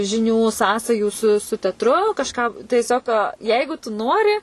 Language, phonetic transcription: Lithuanian, žiˈnių ˈsąsajų su su tetˈru kažˈką tieˈsiog ˈjeigu tu ˈnori

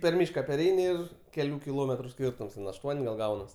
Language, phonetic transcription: Lithuanian, per ˈmyška perˈeini ˈir keˈlių kiˈlometru ˈskyrtums ten ašˈtuon' gal ˈgaunas

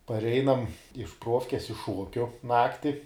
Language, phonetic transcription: Lithuanian, parˈeinam iš ˈpruofkes iš ˈšuokiu ˈnakti

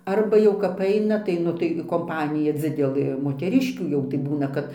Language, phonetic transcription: Lithuanian, ˈarba jau kap ˈaina tai ˈnu tai komˈpanija ˈdzidelɘ moteˈriškių jau tai ˈbūna kad

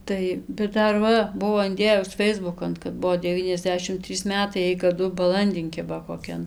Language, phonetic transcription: Lithuanian, ˈtai bet ˈdar ˈva ˈbuvo inˈdėjus ˈfeisbukan kad ˈbuo deˈvyniasˌdešim ˈtrys ˈmetai ˈjai kaˈdu baˈlandin ˈkiba koˈkian

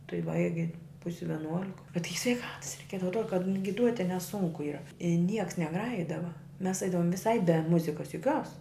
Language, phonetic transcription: Lithuanian, tai ˈbaigi ˈpusi vieˈnuolik bet ˈtai sveiˈkatas reiˈkiedava atˈruod ka giˈduoti neˈsunku ˈyra i ˈnieks neˈgrajidava mes ˈaidavum viˈsai be ˈmuzikas joˈkios

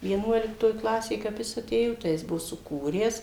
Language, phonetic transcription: Lithuanian, vieˈnuoliktoj ˈklasėj kap ˈjis aˈtėjo tai ˈjis ˈbuvo suˈkūręs

